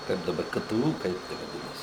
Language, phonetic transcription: Lithuanian, ˈkaip daˈbar ˈkə ˈtə ˈū ˈkaip te vaˈdinasi

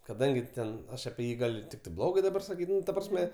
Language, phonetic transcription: Lithuanian, kaˈdangi ˈten ˈaš apie ˈjį gal' ˈtiktai ˈblogai daˈbar saˈkyt' ˈnu ta ˈprasme

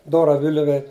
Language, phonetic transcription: Lithuanian, ˈdora ˈviliuve

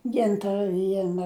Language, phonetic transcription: Lithuanian, ˈgintara ˈviena

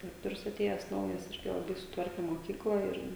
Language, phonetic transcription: Lithuanian, diˈrektorius aˈtėjes ˈnaujas ˈirgi laˈbai suˈtvarke moˈkykla ir

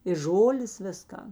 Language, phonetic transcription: Lithuanian, ir ˈžolės ˈvisˌkan

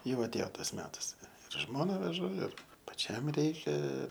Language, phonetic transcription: Lithuanian, ˈjau atˈėjo ˈtas ˈmetas ir ˈžmona veˈžu ir paˈčiam ˈreikia

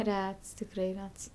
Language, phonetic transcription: Lithuanian, ˈrets tikˈrai ˈrets

